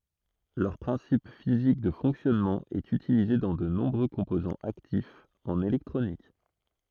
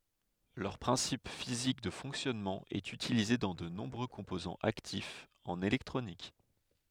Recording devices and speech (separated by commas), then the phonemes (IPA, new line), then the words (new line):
throat microphone, headset microphone, read sentence
lœʁ pʁɛ̃sip fizik də fɔ̃ksjɔnmɑ̃ ɛt ytilize dɑ̃ də nɔ̃bʁø kɔ̃pozɑ̃z aktifz ɑ̃n elɛktʁonik
Leur principe physique de fonctionnement est utilisé dans de nombreux composants actifs en électronique.